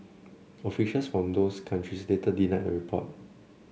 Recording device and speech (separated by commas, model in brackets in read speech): mobile phone (Samsung C7), read sentence